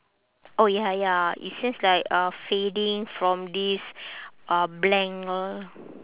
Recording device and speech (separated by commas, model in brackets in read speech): telephone, conversation in separate rooms